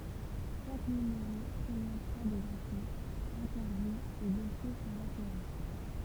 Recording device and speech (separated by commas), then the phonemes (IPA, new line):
temple vibration pickup, read sentence
ʃak nymeʁo pʁezɑ̃tʁa dez ɛ̃foz ɛ̃tɛʁvjuz e dɔsje syʁ la seʁi